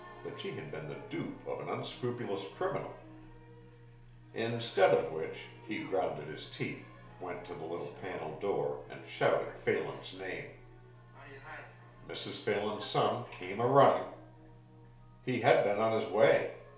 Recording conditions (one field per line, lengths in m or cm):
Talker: one person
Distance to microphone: 1.0 m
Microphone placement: close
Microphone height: 1.1 m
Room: small (3.7 m by 2.7 m)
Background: television